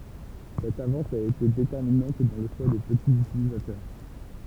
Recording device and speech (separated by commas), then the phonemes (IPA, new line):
temple vibration pickup, read sentence
sɛt avɑ̃s a ete detɛʁminɑ̃t dɑ̃ lə ʃwa de pətiz ytilizatœʁ